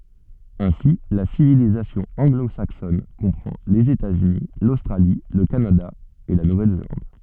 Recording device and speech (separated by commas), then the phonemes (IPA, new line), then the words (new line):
soft in-ear microphone, read sentence
ɛ̃si la sivilizasjɔ̃ ɑ̃ɡlozaksɔn kɔ̃pʁɑ̃ lez etatsyni lostʁali lə kanada e la nuvɛlzelɑ̃d
Ainsi, la civilisation anglo-saxonne comprend les États-Unis, l'Australie, le Canada et la Nouvelle-Zélande.